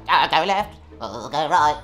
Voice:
in a squeaky voice